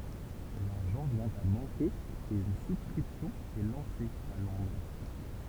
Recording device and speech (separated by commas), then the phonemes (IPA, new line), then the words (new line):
temple vibration pickup, read sentence
laʁʒɑ̃ vjɛ̃ a mɑ̃ke e yn suskʁipsjɔ̃ ɛ lɑ̃se a lɔ̃dʁ
L'argent vient à manquer et une souscription est lancée à Londres.